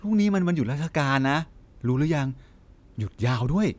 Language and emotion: Thai, happy